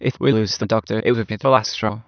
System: TTS, waveform concatenation